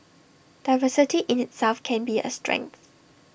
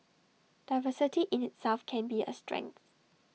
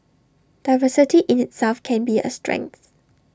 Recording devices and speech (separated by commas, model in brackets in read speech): boundary microphone (BM630), mobile phone (iPhone 6), standing microphone (AKG C214), read sentence